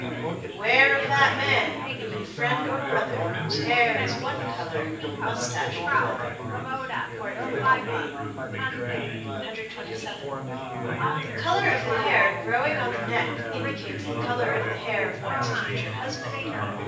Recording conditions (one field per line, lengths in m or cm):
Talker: one person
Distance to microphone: 9.8 m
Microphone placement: far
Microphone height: 1.8 m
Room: large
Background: babble